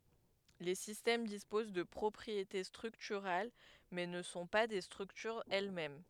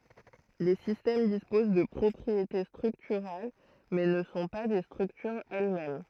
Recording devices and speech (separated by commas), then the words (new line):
headset microphone, throat microphone, read sentence
Les systèmes disposent de propriétés structurales, mais ne sont pas des structures elles-mêmes.